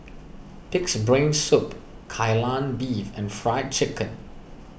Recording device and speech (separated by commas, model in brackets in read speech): boundary microphone (BM630), read sentence